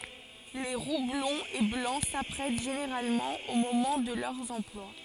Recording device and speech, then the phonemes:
forehead accelerometer, read sentence
le ʁu blɔ̃z e blɑ̃ sapʁɛt ʒeneʁalmɑ̃ o momɑ̃ də lœʁz ɑ̃plwa

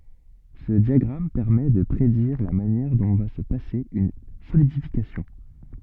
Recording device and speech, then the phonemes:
soft in-ear microphone, read sentence
sə djaɡʁam pɛʁmɛ də pʁediʁ la manjɛʁ dɔ̃ va sə pase yn solidifikasjɔ̃

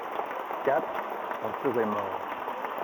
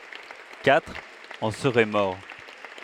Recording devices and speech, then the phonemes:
rigid in-ear microphone, headset microphone, read sentence
katʁ ɑ̃ səʁɛ mɔʁ

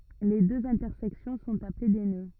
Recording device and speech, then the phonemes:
rigid in-ear microphone, read sentence
le døz ɛ̃tɛʁsɛksjɔ̃ sɔ̃t aple de nø

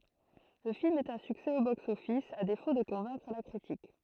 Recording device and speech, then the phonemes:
throat microphone, read sentence
lə film ɛt œ̃ syksɛ o boksɔfis a defo də kɔ̃vɛ̃kʁ la kʁitik

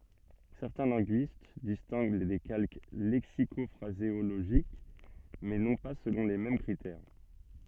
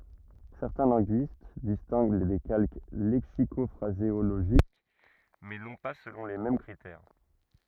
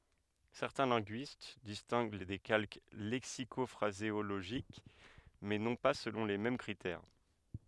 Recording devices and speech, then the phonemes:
soft in-ear microphone, rigid in-ear microphone, headset microphone, read sentence
sɛʁtɛ̃ lɛ̃ɡyist distɛ̃ɡ de kalk lɛksikɔfʁazeoloʒik mɛ nɔ̃ pa səlɔ̃ le mɛm kʁitɛʁ

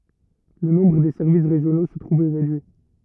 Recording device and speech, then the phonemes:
rigid in-ear microphone, read sentence
lə nɔ̃bʁ de sɛʁvis ʁeʒjono sə tʁuv ʁedyi

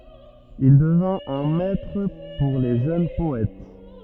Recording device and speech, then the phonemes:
rigid in-ear microphone, read sentence
il dəvɛ̃t œ̃ mɛtʁ puʁ le ʒøn pɔɛt

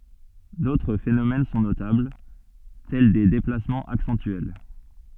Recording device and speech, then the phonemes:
soft in-ear microphone, read sentence
dotʁ fenomɛn sɔ̃ notabl tɛl de deplasmɑ̃z aksɑ̃tyɛl

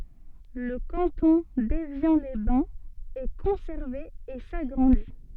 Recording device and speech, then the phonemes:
soft in-ear microphone, read sentence
lə kɑ̃tɔ̃ devjɑ̃lɛzbɛ̃z ɛ kɔ̃sɛʁve e saɡʁɑ̃di

